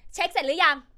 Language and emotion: Thai, angry